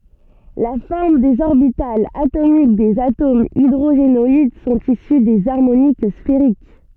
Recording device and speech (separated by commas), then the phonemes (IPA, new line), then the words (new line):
soft in-ear microphone, read sentence
la fɔʁm dez ɔʁbitalz atomik dez atomz idʁoʒenɔid sɔ̃t isy dez aʁmonik sfeʁik
La forme des orbitales atomiques des atomes hydrogénoïdes sont issues des harmoniques sphériques.